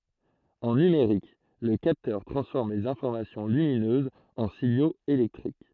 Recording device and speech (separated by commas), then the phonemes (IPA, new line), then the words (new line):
throat microphone, read sentence
ɑ̃ nymeʁik lə kaptœʁ tʁɑ̃sfɔʁm lez ɛ̃fɔʁmasjɔ̃ lyminøzz ɑ̃ siɲoz elɛktʁik
En numérique, le capteur transforme les informations lumineuses en signaux électriques.